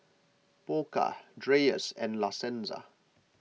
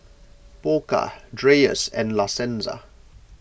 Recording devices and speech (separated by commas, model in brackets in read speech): mobile phone (iPhone 6), boundary microphone (BM630), read sentence